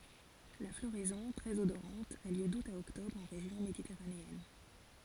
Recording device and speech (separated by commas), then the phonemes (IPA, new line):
forehead accelerometer, read sentence
la floʁɛzɔ̃ tʁɛz odoʁɑ̃t a ljø dut a ɔktɔbʁ ɑ̃ ʁeʒjɔ̃ meditɛʁaneɛn